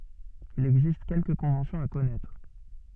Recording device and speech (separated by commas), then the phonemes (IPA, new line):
soft in-ear microphone, read sentence
il ɛɡzist kɛlkə kɔ̃vɑ̃sjɔ̃z a kɔnɛtʁ